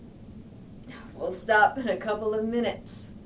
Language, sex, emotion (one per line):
English
female
disgusted